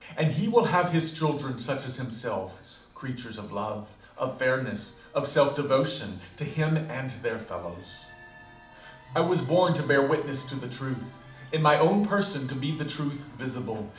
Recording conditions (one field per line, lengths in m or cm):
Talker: one person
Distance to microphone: 2.0 m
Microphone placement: close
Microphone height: 99 cm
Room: medium-sized (5.7 m by 4.0 m)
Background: television